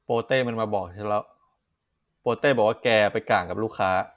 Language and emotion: Thai, frustrated